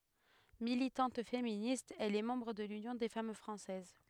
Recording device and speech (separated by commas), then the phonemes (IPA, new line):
headset microphone, read sentence
militɑ̃t feminist ɛl ɛ mɑ̃bʁ də lynjɔ̃ de fam fʁɑ̃sɛz